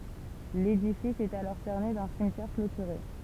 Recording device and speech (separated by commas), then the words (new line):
temple vibration pickup, read sentence
L’édifice est alors cerné d’un cimetière clôturé.